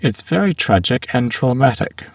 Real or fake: fake